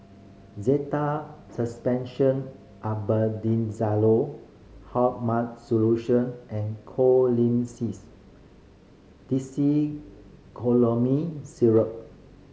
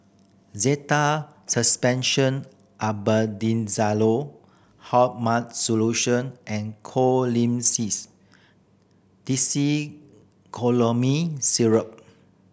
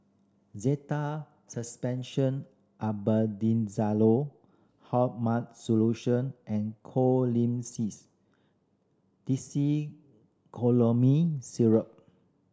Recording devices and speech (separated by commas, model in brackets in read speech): mobile phone (Samsung C5010), boundary microphone (BM630), standing microphone (AKG C214), read sentence